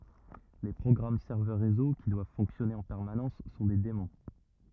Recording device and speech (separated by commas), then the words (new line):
rigid in-ear microphone, read sentence
Les programmes serveurs réseau, qui doivent fonctionner en permanence, sont des daemons.